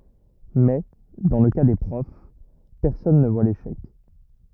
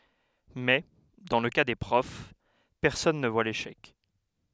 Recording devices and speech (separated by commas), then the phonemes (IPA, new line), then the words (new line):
rigid in-ear microphone, headset microphone, read sentence
mɛ dɑ̃ lə ka de pʁɔf pɛʁsɔn nə vwa leʃɛk
Mais, dans le cas des profs, personne ne voit l’échec.